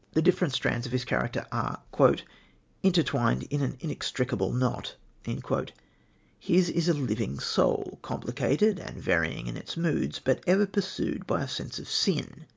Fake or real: real